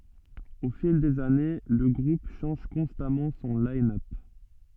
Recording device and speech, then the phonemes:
soft in-ear microphone, read sentence
o fil dez ane lə ɡʁup ʃɑ̃ʒ kɔ̃stamɑ̃ sɔ̃ linœp

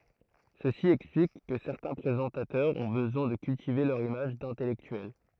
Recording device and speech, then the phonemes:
throat microphone, read sentence
səsi ɛksplik kə sɛʁtɛ̃ pʁezɑ̃tatœʁz ɔ̃ bəzwɛ̃ də kyltive lœʁ imaʒ dɛ̃tɛlɛktyɛl

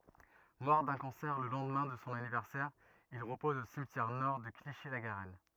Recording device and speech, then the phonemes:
rigid in-ear microphone, read sentence
mɔʁ dœ̃ kɑ̃sɛʁ lə lɑ̃dmɛ̃ də sɔ̃ anivɛʁsɛʁ il ʁəpɔz o simtjɛʁ nɔʁ də kliʃi la ɡaʁɛn

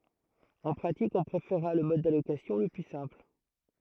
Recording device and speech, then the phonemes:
throat microphone, read sentence
ɑ̃ pʁatik ɔ̃ pʁefeʁʁa lə mɔd dalokasjɔ̃ lə ply sɛ̃pl

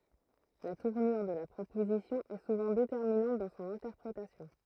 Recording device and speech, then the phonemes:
throat microphone, read sentence
la tuʁnyʁ də la pʁopozisjɔ̃ ɛ suvɑ̃ detɛʁminɑ̃t dɑ̃ sɔ̃n ɛ̃tɛʁpʁetasjɔ̃

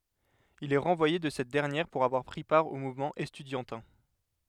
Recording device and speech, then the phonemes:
headset microphone, read sentence
il ɛ ʁɑ̃vwaje də sɛt dɛʁnjɛʁ puʁ avwaʁ pʁi paʁ o muvmɑ̃ ɛstydjɑ̃tɛ̃

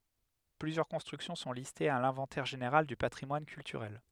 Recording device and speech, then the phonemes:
headset microphone, read sentence
plyzjœʁ kɔ̃stʁyksjɔ̃ sɔ̃ listez a lɛ̃vɑ̃tɛʁ ʒeneʁal dy patʁimwan kyltyʁɛl

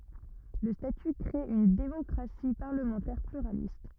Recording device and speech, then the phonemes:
rigid in-ear microphone, read sentence
lə staty kʁe yn demɔkʁasi paʁləmɑ̃tɛʁ plyʁalist

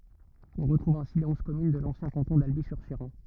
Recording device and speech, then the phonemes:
rigid in-ear microphone, read sentence
ɔ̃ ʁətʁuv ɛ̃si le ɔ̃z kɔmyn də lɑ̃sjɛ̃ kɑ̃tɔ̃ dalbi syʁ ʃeʁɑ̃

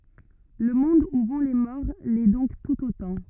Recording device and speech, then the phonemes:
rigid in-ear microphone, read sentence
lə mɔ̃d u vɔ̃ le mɔʁ lɛ dɔ̃k tut otɑ̃

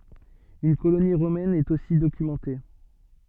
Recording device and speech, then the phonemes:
soft in-ear microphone, read sentence
yn koloni ʁomɛn ɛt osi dokymɑ̃te

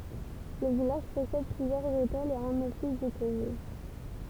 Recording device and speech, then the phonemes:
temple vibration pickup, read sentence
lə vilaʒ pɔsɛd plyzjœʁz otɛlz e œ̃n ɔfis dy tuʁism

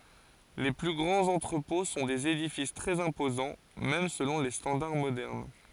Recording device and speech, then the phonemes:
forehead accelerometer, read sentence
le ply ɡʁɑ̃z ɑ̃tʁəpɔ̃ sɔ̃ dez edifis tʁɛz ɛ̃pozɑ̃ mɛm səlɔ̃ le stɑ̃daʁ modɛʁn

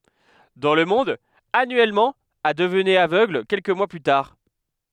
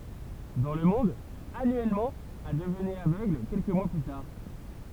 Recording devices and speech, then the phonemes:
headset microphone, temple vibration pickup, read sentence
dɑ̃ lə mɔ̃d anyɛlmɑ̃ a dəvnɛt avøɡl kɛlkə mwa ply taʁ

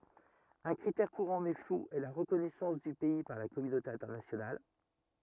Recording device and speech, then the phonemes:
rigid in-ear microphone, read sentence
œ̃ kʁitɛʁ kuʁɑ̃ mɛ flu ɛ la ʁəkɔnɛsɑ̃s dy pɛi paʁ la kɔmynote ɛ̃tɛʁnasjonal

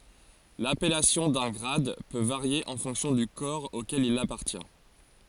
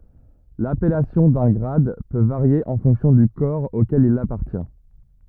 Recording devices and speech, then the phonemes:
forehead accelerometer, rigid in-ear microphone, read sentence
lapɛlasjɔ̃ dœ̃ ɡʁad pø vaʁje ɑ̃ fɔ̃ksjɔ̃ dy kɔʁ okɛl il apaʁtjɛ̃

